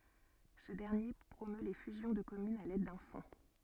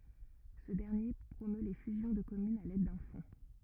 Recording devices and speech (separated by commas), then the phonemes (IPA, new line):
soft in-ear microphone, rigid in-ear microphone, read sentence
sə dɛʁnje pʁomø le fyzjɔ̃ də kɔmynz a lɛd dœ̃ fɔ̃